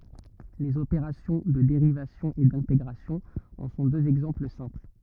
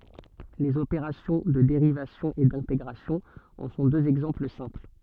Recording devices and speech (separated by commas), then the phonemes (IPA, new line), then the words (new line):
rigid in-ear microphone, soft in-ear microphone, read sentence
lez opeʁasjɔ̃ də deʁivasjɔ̃ e dɛ̃teɡʁasjɔ̃ ɑ̃ sɔ̃ døz ɛɡzɑ̃pl sɛ̃pl
Les opérations de dérivation et d'intégration en sont deux exemples simples.